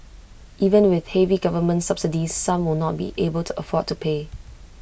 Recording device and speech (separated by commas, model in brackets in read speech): boundary microphone (BM630), read sentence